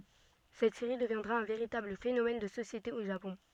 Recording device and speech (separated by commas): soft in-ear microphone, read sentence